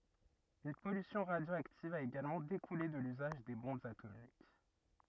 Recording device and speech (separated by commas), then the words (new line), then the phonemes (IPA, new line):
rigid in-ear microphone, read sentence
Une pollution radioactive a également découlé de l'usage des bombes atomiques.
yn pɔlysjɔ̃ ʁadjoaktiv a eɡalmɑ̃ dekule də lyzaʒ de bɔ̃bz atomik